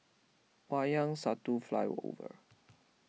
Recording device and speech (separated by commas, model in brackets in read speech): mobile phone (iPhone 6), read sentence